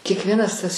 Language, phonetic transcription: Lithuanian, kiekˈvienas tas

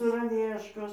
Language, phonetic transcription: Lithuanian, saraˈvieškos

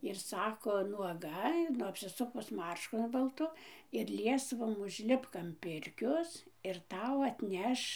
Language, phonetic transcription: Lithuanian, ir ˈsako nuoˈga ˈnu apsiˈsukus ˈmaršku balˈtu ir ˈliesvom užˈlipk am ˈpirkios ir ˈtau atˈneš

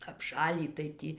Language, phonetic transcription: Lithuanian, apˈšalį tai ˈtį

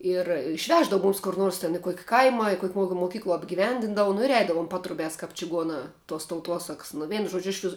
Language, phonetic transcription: Lithuanian, ir išˈveždavu ˈmumis kur ˈnuors ten i ˈkuoki ˈkaima i ˈkuok' ˈmuokim moˈkykluo apgiˈvendindavu nu ir ˈeidavum ˈpatrubiās kaip čiˈguonā tuos tauˈtuosaks nu ˈveinu ˈžuodžiu ˈišvis

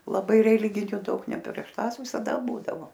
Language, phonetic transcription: Lithuanian, laˈbai reˈliginiu ˈdaug ne prieš ˈtąs visaˈda ˈbūdavo

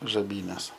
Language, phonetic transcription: Lithuanian, žaˈbynes

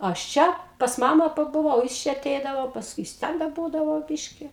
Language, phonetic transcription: Lithuanian, ˈaš ˈčia ˈpas ˈmamą pabuˈvau jis ˈčia aˈteidavo pasˈkui jis ˈten da ˈbūdavo ˈbiški

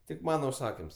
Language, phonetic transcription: Lithuanian, tik ˈmana užˈsakims

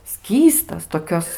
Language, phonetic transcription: Lithuanian, ˈskystas toˈkios

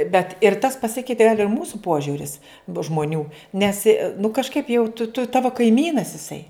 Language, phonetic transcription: Lithuanian, bet ir tas paˈsikeitė gal' ir ˈmūsu ˈpožiuris bu žmoˈnių ˈnes i nu kažˈkaip jau tu tu ˈtavo kaiˈmynas iˈsai

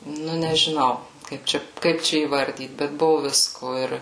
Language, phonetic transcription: Lithuanian, ˈnu nežiˈnau ˈkaip čia ˈkaip čia įˈvardyt bet ˈbuvu ˈvisko ˈir

